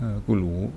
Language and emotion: Thai, neutral